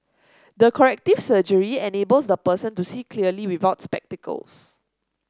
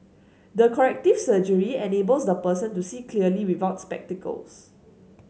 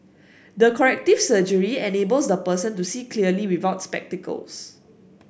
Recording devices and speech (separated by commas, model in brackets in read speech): standing microphone (AKG C214), mobile phone (Samsung S8), boundary microphone (BM630), read sentence